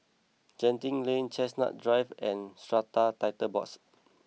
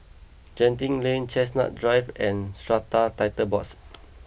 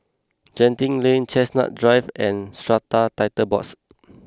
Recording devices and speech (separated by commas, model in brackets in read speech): mobile phone (iPhone 6), boundary microphone (BM630), close-talking microphone (WH20), read sentence